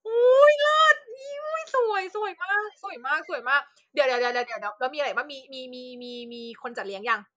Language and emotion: Thai, happy